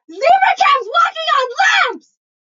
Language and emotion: English, fearful